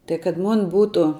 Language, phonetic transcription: Lithuanian, tai kad mon' ˈbūtu

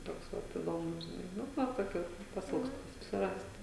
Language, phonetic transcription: Lithuanian, ˈtoks ˈvat iˈdomus žiˈnai ˈnu ˈva toˈkių pasiˈilgstu susiˈrast

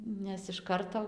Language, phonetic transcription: Lithuanian, ˈnes iš ˈkarto

